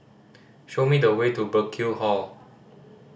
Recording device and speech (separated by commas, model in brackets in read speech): standing microphone (AKG C214), read sentence